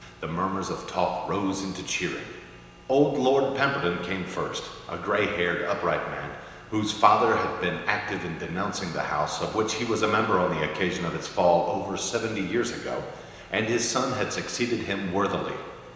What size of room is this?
A large, very reverberant room.